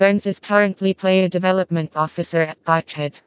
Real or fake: fake